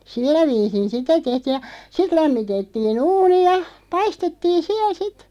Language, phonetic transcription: Finnish, 'sillä viisin̬ "sitä 'tehtiiʲ ja , 'sit 'lämmitettii"n ‿uuni ja , "paistettiin̬ 'siäˡ "sit .
- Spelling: sillä viisiin sitä tehtiin ja sitten lämmitettiin uuni ja paistettiin siellä sitten

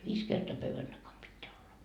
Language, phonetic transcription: Finnish, 'viis kertoa 'pövvän Dakam 'pitteä olla .
- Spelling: viisi kertaa pöydän takana pitää olla

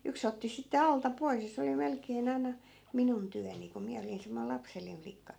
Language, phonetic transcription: Finnish, 'yks ‿otti sitte "alta 'pois ja se oli 'melkee'n ‿ai̮na , "minun 'tyäni ku 'miä olin semmoil 'lapsellìn 'flikka .
- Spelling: yksi otti sitten alta pois ja se oli melkein aina minun työni kun minä olin semmoinen lapsellinen flikka

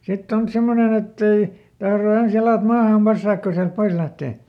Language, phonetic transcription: Finnish, ˈsitt ‿on ˈsemmonen ‿ettei , ˈtahro ˈens ˈjalàt ˈmaaham "passaak ko siält ˈpois lähtè .
- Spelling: sitten on semmoinen että ei tahdo ensin jalat maahan passata kun sieltä pois lähtee

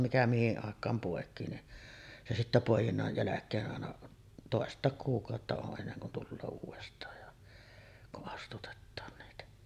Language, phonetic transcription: Finnish, mikä 'mihiˀ ˀàek̆kaam pòek̀ii ni , se 'sittä 'pòejinnaj jäläk̀ee’ ’àena , 'tòest̆tàek kuuk̀àotta o’ ’enneŋ kun tulloo 'uuvest̀aaj ja , ku’ ’astutettaan niitä .
- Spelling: mikä mihin aikaan poikii niin se sitten poi'innan jälkeen aina toista kuukautta on ennen kuin tulee uudestaan ja kun astutetaan niitä

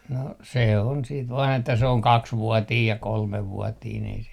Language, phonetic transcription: Finnish, no , 'se on siit vaan ‿että se oŋ "kaksvuɔtiij ja 'kolmev̆vuɔtiin ‿ei se ,.
- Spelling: no se on sitten vain että se on kaksivuotinen ja kolmevuotinen ei se

